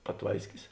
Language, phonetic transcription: Lithuanian, paˈtvaiskis

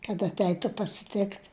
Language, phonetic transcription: Lithuanian, kad atˈeitu pasiˈtikt

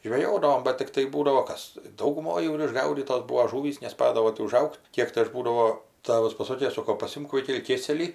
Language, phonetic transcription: Lithuanian, žveˈjodavom bat tikˈtai ˈbūdavo ˈkas dauguˈmoj jau ir išˈgaudytos ˈbūvo ˈžūvys neˈspadavo ti uˈžaug't' ˈkiek tai ˈaš ˈbūdavo ˈtavas paˈsokė ˈsoko paˈsimk ˈvaikeli ˈkėselį

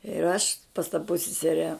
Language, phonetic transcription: Lithuanian, ir ˈaš pas ta pussiˈsere

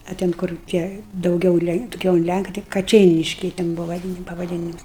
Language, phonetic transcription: Lithuanian, a ˈten kur ˈtie dauˈgiau ˈlenk daˈgiau un ˈlænka tai kaˈčeiniškiai ten ˈbuva vaˈdyn pavaˈdynimus

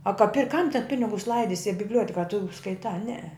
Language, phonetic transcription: Lithuanian, a ka pir' kam ten ˈpinigus ˈlaidisi a bibˈliuoteka a tu skaiˈtā ˈnee

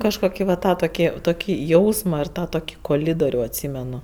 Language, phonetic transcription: Lithuanian, ˈkažkoki va ˈtą toˈki toˈkį ˈjausma ir ˈtą toˈkį koˈlidoriu atˈsymenu

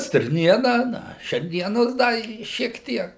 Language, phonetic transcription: Lithuanian, stirˈniena ˈna šerˈnienos ˈda i šiek ˈtiek

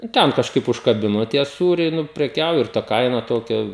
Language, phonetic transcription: Lithuanian, i ˈten kažˈkaip užkaˈbino tie ˈsūriai ˈnu preˈkiauji ir ta ˈkaina ˈtokia

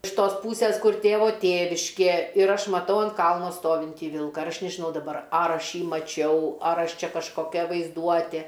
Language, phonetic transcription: Lithuanian, iš ˈtos ˈpūsės ˈkur ˈtėvo ˈtėviškė ir ˈaš maˈtau ant ˈkalno ˈstovintį ˈvilka ir ˈaš nežiˈnau daˈbar ˈar ˈaš ˈjį maˈčiau ˈar ˈaš ˈčia kažkoˈkia vaizˈduotė

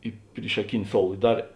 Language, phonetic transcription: Lithuanian, i pryšaˈkini ˈsoul i ˈdar

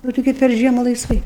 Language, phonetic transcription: Lithuanian, o tiˈgi per ˈžiemu laisˈvai

